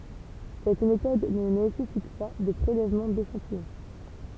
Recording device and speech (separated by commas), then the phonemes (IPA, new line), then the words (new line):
temple vibration pickup, read sentence
sɛt metɔd nə nesɛsit pa də pʁelɛvmɑ̃ deʃɑ̃tijɔ̃
Cette méthode ne nécessite pas de prélèvement d’échantillon.